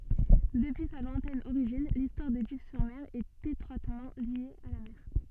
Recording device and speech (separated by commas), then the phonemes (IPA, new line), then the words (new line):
soft in-ear microphone, read sentence
dəpyi sa lwɛ̃tɛn oʁiʒin listwaʁ də div syʁ mɛʁ ɛt etʁwatmɑ̃ lje a la mɛʁ
Depuis sa lointaine origine, l’histoire de Dives-sur-Mer est étroitement liée à la mer.